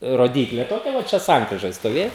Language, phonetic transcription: Lithuanian, roˈdyklė toˈkia va ˈčia ˈsankrižoj stoˈvė

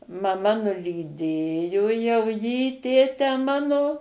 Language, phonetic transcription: Lithuanian, maˈma nulyˈdėjo jau jį ˈtėtę ˈmano

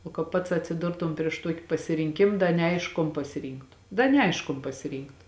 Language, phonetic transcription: Lithuanian, o ka ˈpats atsiˈdurtum prieš ˈtuoki pasirinˈkim ˈda neˈaišku kon pasiˈrynktu ˈda neˈaišk kon pasiˈrynktu

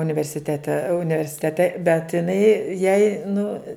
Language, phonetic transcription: Lithuanian, universiˈtete universiˈtete bet iˈnai jai nu

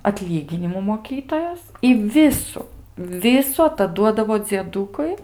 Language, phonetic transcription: Lithuanian, atˈlyginimų moˈkytojos i ˈvisu ˈvisu ataˈduodavo dzieˈdūkui

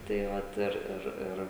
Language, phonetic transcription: Lithuanian, tai ˈvat ˈir ˈir ˈir

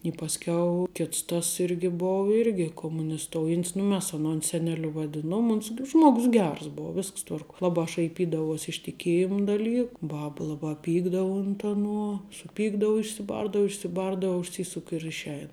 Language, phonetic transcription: Lithuanian, i pasˈkiau ˈkits tas ˈirgi ˈbou ˈirgi komunisˈtoujan't's nu ˈmes aˈnon seneˈliu vaˈdinuom ˈuns g ˈžmuogus ˈgers ˈbou ˈvisks ˈtvarkuo ˈlabā šaiˈpydavuos' iš tiˈkėjim daˈlyk ˈbab ˈlabā ˈpykdau unt aˈnuo suˈpykdau išsiˈbardau išsiˈbardau užˈsysuk i ir išˈein

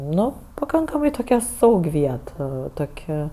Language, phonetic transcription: Lithuanian, ˈnu paˈkankamai toˈkia ˈsaug' ˈviet a ˈtok'

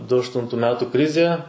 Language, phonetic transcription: Lithuanian, du ašˈtuntu ˈmetu ˈkrizė

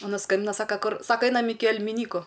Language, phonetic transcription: Lithuanian, aˈna ˈskambina ˈsaka ˈkur ˈsaka ˈainam ˈiki elmiˈnyku

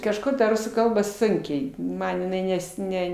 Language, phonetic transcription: Lithuanian, kažˈko ta ˈrusų ˈkalba ˈsunkiai ˈman jiˈnai ˈnes ˈne

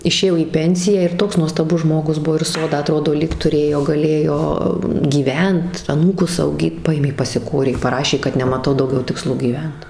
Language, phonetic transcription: Lithuanian, išėˈjo į ˈpensiją ir ˈtoks nuostaˈbus ˈžmogus ˈbuvo ir ˈsodą aˈtrodo lyg tuˈrėjo gaˈlėjo gyˈvent aˈnūkus auˈgyt ˈpaėmė pasiˈkorė paˈrašė kad nemaˈtau dauˈgiau tikˈslo gyˈvent

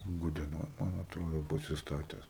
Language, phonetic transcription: Lithuanian, gudieˈnoj man atˈrodo pasisˈtates

